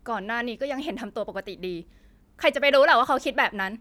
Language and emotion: Thai, frustrated